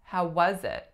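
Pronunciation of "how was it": The stress falls on 'was'. The phrase runs together as 'ha wa zit', with 'was' linking into 'it'.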